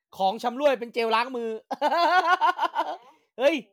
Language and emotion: Thai, happy